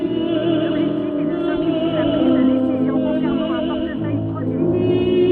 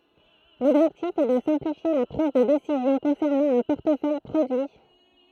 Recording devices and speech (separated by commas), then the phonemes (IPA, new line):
soft in-ear microphone, throat microphone, read sentence
lɔbʒɛktif ɛ də sɛ̃plifje la pʁiz də desizjɔ̃ kɔ̃sɛʁnɑ̃ œ̃ pɔʁtəfœj pʁodyi